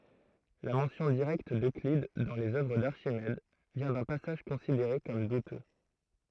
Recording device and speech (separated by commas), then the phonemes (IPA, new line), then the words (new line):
throat microphone, read sentence
la mɑ̃sjɔ̃ diʁɛkt døklid dɑ̃ lez œvʁ daʁʃimɛd vjɛ̃ dœ̃ pasaʒ kɔ̃sideʁe kɔm dutø
La mention directe d’Euclide dans les œuvres d’Archimède vient d’un passage considéré comme douteux.